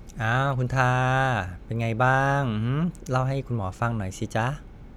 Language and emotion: Thai, happy